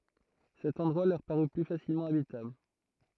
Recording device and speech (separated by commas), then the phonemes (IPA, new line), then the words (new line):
throat microphone, read sentence
sɛt ɑ̃dʁwa lœʁ paʁy ply fasilmɑ̃ abitabl
Cet endroit leur parut plus facilement habitable.